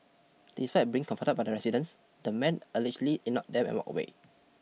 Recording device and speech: mobile phone (iPhone 6), read sentence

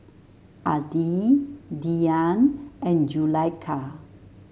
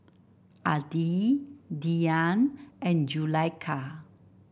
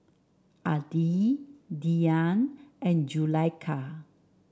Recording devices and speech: mobile phone (Samsung S8), boundary microphone (BM630), standing microphone (AKG C214), read sentence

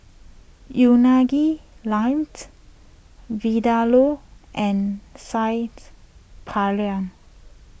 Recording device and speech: boundary microphone (BM630), read sentence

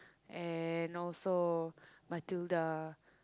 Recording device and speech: close-talking microphone, conversation in the same room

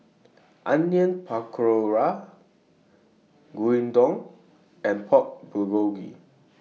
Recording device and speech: mobile phone (iPhone 6), read sentence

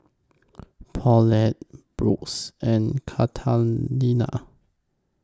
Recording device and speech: close-talking microphone (WH20), read sentence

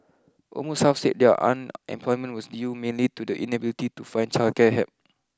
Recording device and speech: close-talking microphone (WH20), read sentence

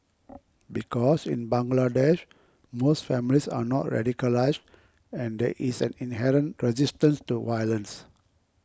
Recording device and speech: close-talking microphone (WH20), read sentence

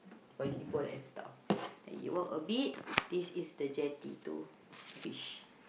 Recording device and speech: boundary microphone, conversation in the same room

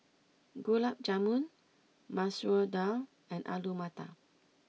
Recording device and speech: mobile phone (iPhone 6), read sentence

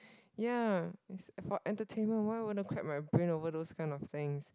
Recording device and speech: close-talking microphone, conversation in the same room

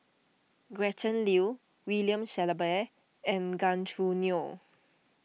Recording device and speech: mobile phone (iPhone 6), read sentence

